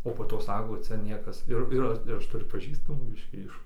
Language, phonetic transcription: Lithuanian, o po ˈto ˈsako ˈcia ˈniekas ˈir ˈir ir ˈaš tuˈriu paˈžįstamų ˈbiškį ˈiš

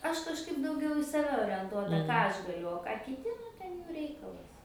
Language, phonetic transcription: Lithuanian, ˈaš kažˈkaip dauˈgiau i saˈve orenˈtuota ˈką ˈaš gaˈliu o ˈką kiˈti nu ˈten ˈjų ˈreikalas

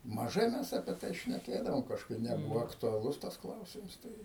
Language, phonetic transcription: Lithuanian, maˈžai mes apie ˈtai šneˈkėdavom kažˈkaip neˈbuvo aktuaˈlus tas ˈklausims ˈtai

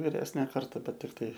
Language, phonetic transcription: Lithuanian, viˈresnė ˈkarta ˈbet ir ˈtai

